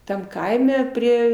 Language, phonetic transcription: Lithuanian, ˈtam ˈkaime ˈprie

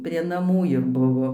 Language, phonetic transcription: Lithuanian, prie naˈmų ir ˈbuvo

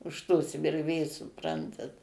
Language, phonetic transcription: Lithuanian, už tos virˈvės suˈprantat

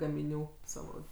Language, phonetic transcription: Lithuanian, gamiˈnių ˈsavo

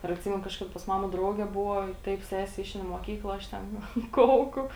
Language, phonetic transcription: Lithuanian, ir atˈsymenu kažˈkada pas ˈmama ˈdrauge ˈbuvo ˈtaip ˈsese ˈišein i muoˈkykla ˈaš ten ˈnu ˈkauku

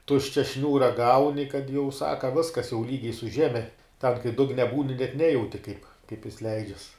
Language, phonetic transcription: Lithuanian, ˈtuščia ˈšniūra ˈgauni kad jau ˈsaka ˈviskas jau ˈlygiai su ˈžeme ten kai ˈdugne ˈbūni net ˈnejauti kaip kaip jis ˈleidžias

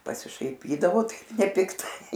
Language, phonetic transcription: Lithuanian, pasišaiˈpydavo ˈtaip nepikˈtai

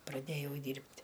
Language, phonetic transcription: Lithuanian, praˈdėjau ˈdyrbt'

